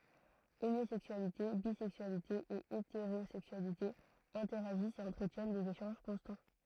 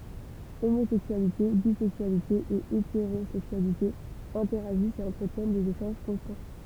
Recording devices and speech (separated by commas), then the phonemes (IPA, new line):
throat microphone, temple vibration pickup, read sentence
omozɛksyalite bizɛksyalite e eteʁozɛksyalite ɛ̃tɛʁaʒist e ɑ̃tʁətjɛn dez eʃɑ̃ʒ kɔ̃stɑ̃